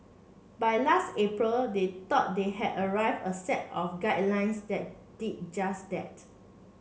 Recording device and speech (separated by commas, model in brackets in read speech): mobile phone (Samsung C7), read sentence